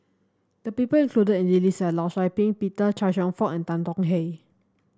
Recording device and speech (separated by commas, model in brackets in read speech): standing microphone (AKG C214), read sentence